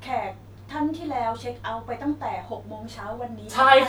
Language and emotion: Thai, neutral